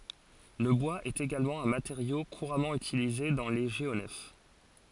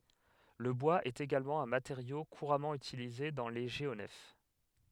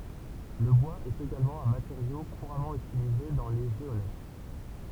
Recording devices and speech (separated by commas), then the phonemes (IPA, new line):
forehead accelerometer, headset microphone, temple vibration pickup, read sentence
lə bwaz ɛt eɡalmɑ̃ œ̃ mateʁjo kuʁamɑ̃ ytilize dɑ̃ le ʒeonɛf